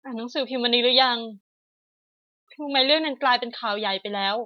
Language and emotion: Thai, sad